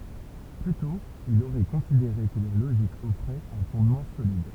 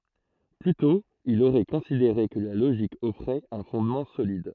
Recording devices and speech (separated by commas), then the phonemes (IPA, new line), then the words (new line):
temple vibration pickup, throat microphone, read sentence
ply tɔ̃ il oʁɛ kɔ̃sideʁe kə la loʒik ɔfʁɛt œ̃ fɔ̃dmɑ̃ solid
Plus tôt, il aurait considéré que la logique offrait un fondement solide.